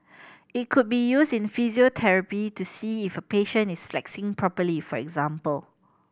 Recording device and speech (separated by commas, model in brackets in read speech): boundary microphone (BM630), read sentence